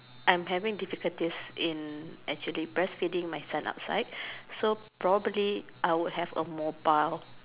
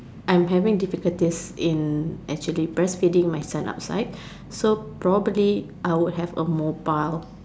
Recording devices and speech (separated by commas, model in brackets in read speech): telephone, standing microphone, conversation in separate rooms